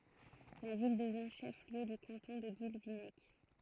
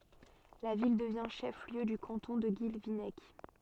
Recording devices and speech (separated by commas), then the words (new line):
throat microphone, soft in-ear microphone, read sentence
La ville devient chef-lieu du canton de Guilvinec.